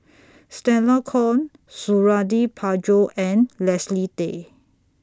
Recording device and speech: standing microphone (AKG C214), read sentence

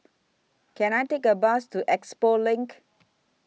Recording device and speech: mobile phone (iPhone 6), read sentence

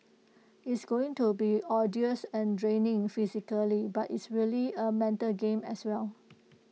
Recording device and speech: mobile phone (iPhone 6), read sentence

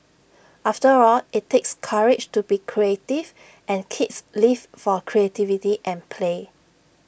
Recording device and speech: boundary microphone (BM630), read sentence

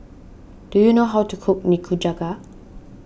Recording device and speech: boundary microphone (BM630), read sentence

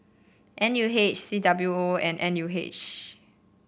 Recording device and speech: boundary microphone (BM630), read sentence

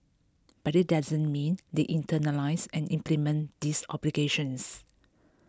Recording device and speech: close-talking microphone (WH20), read sentence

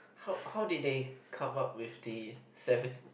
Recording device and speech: boundary microphone, conversation in the same room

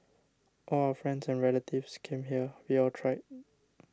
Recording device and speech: standing microphone (AKG C214), read sentence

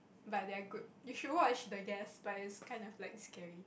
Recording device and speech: boundary microphone, conversation in the same room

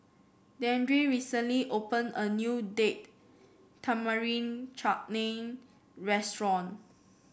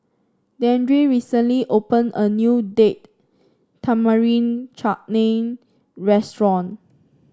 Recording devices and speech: boundary microphone (BM630), standing microphone (AKG C214), read sentence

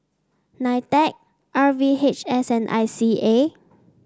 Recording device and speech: standing microphone (AKG C214), read sentence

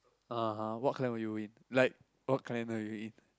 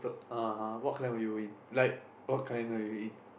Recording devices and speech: close-talking microphone, boundary microphone, conversation in the same room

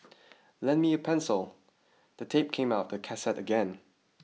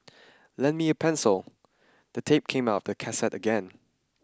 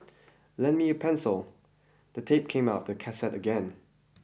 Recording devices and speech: mobile phone (iPhone 6), standing microphone (AKG C214), boundary microphone (BM630), read sentence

